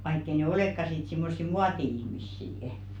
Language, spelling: Finnish, vaikka ei ne olekaan sitten semmoisia muoti-ihmisiä
- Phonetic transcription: vaikk ‿ei ne "olèkka sit 'simmossi "muati₍ihmissii₍ᵊ .

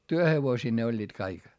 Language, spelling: Finnish, työhevosia ne olivat kaikki
- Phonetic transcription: työhevosii ne oĺĺiit kaik .

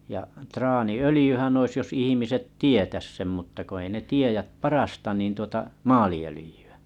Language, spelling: Finnish, ja traaniöljyhän olisi jos ihmiset tietäisi sen mutta kun ei ne tiedä parasta niin tuota maaliöljyä
- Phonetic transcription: ja’ traani₍'ölĭjyhän ‿ois jos 'ihimiset "tietäs sem mutta ko ei ne 'tiejäp 'parasta nìn tuota , "maali₍ölⁱjy₍ᴀ̈ .

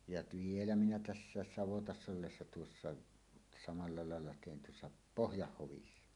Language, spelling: Finnish, ja vielä minä tässä savotassa ollessa tuossa samalla lailla tein tuossa Pohjanhovissa
- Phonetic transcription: jat 'vielä minä "tässääs 'savotass ‿ollessa tuossa , 'samalla 'làella tèin tuossa , "Pohjahhovissa .

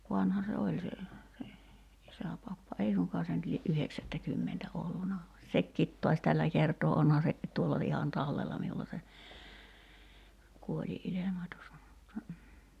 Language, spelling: Finnish, vanha se oli se se isäpappa ei suinkaan se nyt lie yhdeksättäkymmentä ollut vaan sekin taas tällä kertaa onhan se tuolla ihan tallella minulla se kuolinilmoitus mutta
- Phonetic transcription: 'vanha se "oĺ se , se , 'isäpappa 'ei suŋkaa se nyt lie’ "’yheksättäkymmentä 'olluna (va) 'sekkiit to̭aś "tällä kertoo 'onha se , 'tuolla ihan "tallella miulla se , 'kuoĺi'’ilemotus (mutta) ,.

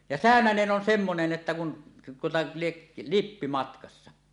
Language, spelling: Finnish, ja säynänen on semmoinen että kun tuota lie lippi matkassa
- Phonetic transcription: ja "sä̀önänen 'ˀon 'semmonen "että kun , tuota 'lieˀ , "lippi 'matkassa .

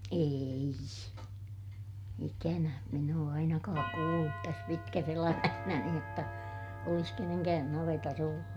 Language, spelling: Finnish, ei ikänä minä ole ainakaan kuullut tässä pitkässä elämässäni jotta olisi kenenkään navetassa ollut
- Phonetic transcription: eei , ikänä , min ‿oo ainakaak kuullut täs pitkäs ‿elämähnäni jotta , olis keneŋkään navetas ‿ollu .

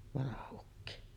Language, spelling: Finnish, vanha ukki
- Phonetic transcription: 'vanaha ukki .

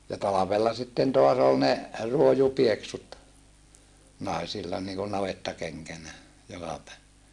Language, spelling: Finnish, ja talvella sitten taas oli ne ruojupieksut naisilla niin kuin navettakenkänä jokapäiväisinä
- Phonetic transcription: ja talavella sitten toas ‿ol ne , ruojupieksut , nàisilla niikun navettakeŋkänä , jokapä[iväisinä] .

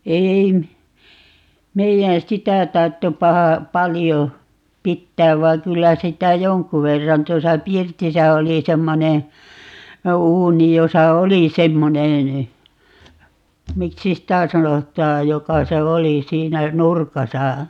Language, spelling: Finnish, ei - meidän sitä tarvitse paha paljon pitää vaan kyllä sitä jonkun verran tuossa pirtissä oli semmoinen uuni jossa oli semmoinen miksi sitä sanotaan joka se oli siinä nurkassa
- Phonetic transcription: 'eei m- , 'meijän "sitä 'tarttep 'paha , "palijo , "pittääv 'va(iŋ) 'kyllä 'sitä "joŋku 'verran - 'tosa "pirtisä 'oli 'semmone , "uuni 'josa "oli 'semmonen , "miksi sitä̀ 'sanot̀aaj 'joka se "oli 'siinä , "nurkasa .

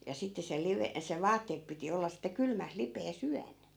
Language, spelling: Finnish, ja sitten se - se vaatteet piti olla sitten kylmässä lipeässä yön
- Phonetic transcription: ja 'sitte se 'live- , se "vaatteep 'piti olla sitte 'kylmäs 'lipee's ‿yän .

